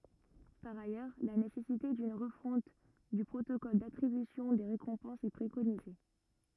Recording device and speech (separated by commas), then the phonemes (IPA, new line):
rigid in-ear microphone, read sentence
paʁ ajœʁ la nesɛsite dyn ʁəfɔ̃t dy pʁotokɔl datʁibysjɔ̃ de ʁekɔ̃pɑ̃sz ɛ pʁekonize